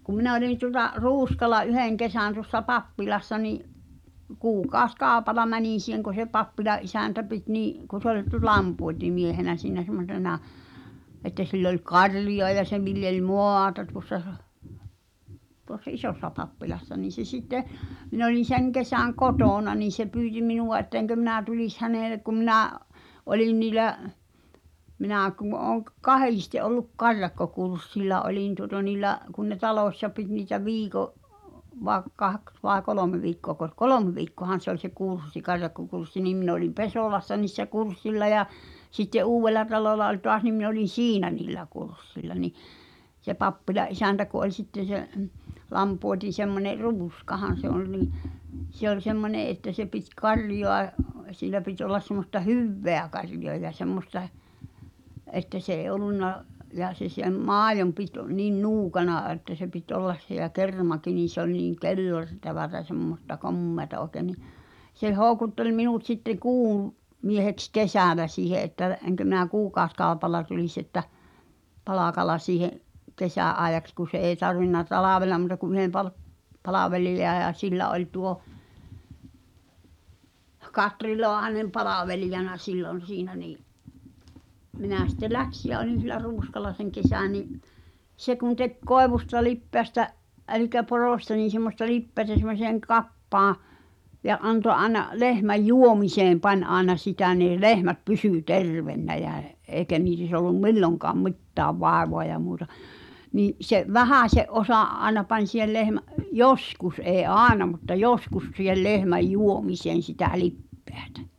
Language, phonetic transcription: Finnish, kum̆ 'minᵃ̈ olin tuŏla , "Ruuskala "’yhèŋ 'kesä̀n tuŏssa "pappilassa ni’ , 'kuukaos"kaopal̆la 'mänin̬ si̳heŋ ku̬ se 'pappila’ ’isä̀ntä pit nì’ , ku sᵉ ‿ol tu- "lampuotimiehenä siinä sem̆mo(s)ena , ’ettᵃ̈ sill ‿oĺ "karjoa ja 'se viljel "mò̳à̳ta tuossa , tuossa "’isòssa 'pappilassa niin̬ se sitte , min ‿olin̬ "seŋ 'kesä̀ŋ "kotòna niin̬ se pyyti 'minuʷa ett̳ᵃ̈ 'eŋkö 'minä̀ tulis 'hänèlek ku minä’ , '’olin niilä’ , minä̀ kum̳ ooŋ k- "kahiste ’olluk "karjakkokurssilla olìn tuŏta niillä’ , kun ne "talòśsa pit niitä 'viiko’ , vaĕ 'kaks vae 'kolòme viikkoakos , "kolomᵉ viikkoahan̬ se ‿oĺ se 'kurssi "karjakkokurssi niim min ‿olim "Pesòlassa niissä 'kurssilla ja , sitte "’Uuwvellatalòla ol toa(s) nim min ‿olin "siinä nìllä 'kurssilla ni , se 'pappila’ ’isäntä ku ’oĺ sitten̬ se , 'lampuoti(n̬) semmone , "Ruuskahan̬ se oĺ nì , se ‿oĺ 'semmone’ ’että se pit "karjoa ʲˉ , sìlä pit ollas semmosta "hyẅveä karjoa ja 'semmosta͕ , ’että s ‿eeⁱ '’ol̆lunna , ja se sem "maajom pit , nin "nuukana əttä se pit '’ollas (s)e ja "kermaki nin̬ se ‿oĺ niiŋ "kellər- , -'tävätä "semmosta "kom̀meata ’òke ni , se 'hòu̬kuttel minut sitte 'kuuw- , -mieheks "kesä̀lä siihe ’että , eŋkö mi̬ⁿä "kuukaoskàopalla tulis että , -'palàkala siihe’ , 'kesä̀’ '’aejaks ku se eeⁱ tarvinna "talàvel̆la mu̳ta ku yhem pal- , 'palavelija ja 'sillä oĺ tuo , "Katri 'Loahanem "palavelijana 'sillon̬ siinä nii’ , 'minä̀ sitte "läksi jä olin̬ sillä "Ruuskal̆la seŋ 'kesä̀ ni’ , 'se kun tek "koevusta 'lippeästä , ’ɛlikä 'poròsta niin̬ semmosta "lippeätä sem̆moseeŋ 'kappaaa̰ , ja ’anto ’aena 'lehmäj "juomiseem 'pań ’aena sitä ni̬i̬ "lehmät "pysỳ "tervennä jää , '’eekä niis ‿ollum "milloŋkaam "mi̬ttääv 'vàevoa ja muuta , nii’ , se’ "vähä̀se’ '’osa’ '’aᵉna pań̬ si̳hel lehmä’ , "joskus ’ee "’aaena mutta "joskus siihel 'lehmäj "juomiseen̬ sitä 'lippᴇᴀ̈tᴀ̈ .
- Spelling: kun minä olin tuolla Ruuskalla yhden kesän tuossa pappilassa niin kuukausikaupalla menin siihen kun se pappila isäntä piti niin kun se oli - lampuotimiehenä siinä semmoisena että sillä oli karjaa ja se viljeli maata tuossa tuossa isossa pappilassa niin se sitten minä olin sen kesän kotona niin se pyysi minua että enkö minä tulisi hänelle kun minä olin niillä minä kun olen - kahdesti ollut karjakkokurssilla olin tuota niillä kun ne talossa piti niitä viikon vai kaksi vai kolme viikkoako kolme viikkoahan se oli se kurssi karjakkokurssi niin minä olin Pesolassa niissä kurssilla ja sitten Uudellatalolla oli taas niin minä olin siinä niillä kurssilla niin se pappilan isäntä kun oli sitten se lampuoti semmoinen Ruuskahan se oli niin se oli semmoinen että se piti karjaa ja sillä piti olla semmoista hyvää karjaa ja semmoista että se ei ollut ja se sen maidon piti niin nuukana että se piti olla se ja kermakin niin se oli niin - kellertävää semmoista komeaa oikein niin se houkutteli minut sitten - kuumieheksi kesällä siihen että enkö minä kuukausikaupalla tulisi että palkalla siihen kesän ajaksi kun se ei tarvinnut talvella muuta kuin yhden - palvelijan ja sillä oli tuo Katri Laahanen palvelijana silloin siinä niin minä sitten lähdin ja olin sillä Ruuskalla sen kesän niin se kun teki koivusta lipeästä eli porosta niin semmoista lipeää semmoiseen kappaan ja antoi aina lehmän juomiseen panna aina sitä niin lehmät pysyi terveenä ja eikä niissä ollut milloinkaan mitään vaivaa ja muuta niin se vähäisen osa aina pani siihen lehmän joskus ei aina mutta joskus siihen lehmän juomiseen sitä lipeätä